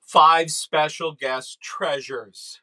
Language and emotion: English, sad